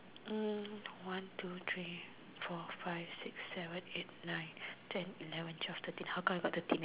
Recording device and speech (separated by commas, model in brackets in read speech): telephone, conversation in separate rooms